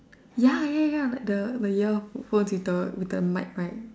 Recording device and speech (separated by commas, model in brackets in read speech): standing microphone, conversation in separate rooms